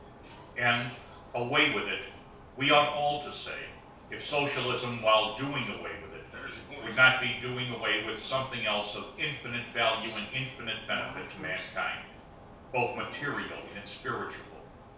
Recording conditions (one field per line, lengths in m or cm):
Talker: one person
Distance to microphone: 3.0 m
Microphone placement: far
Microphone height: 1.8 m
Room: small (3.7 m by 2.7 m)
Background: television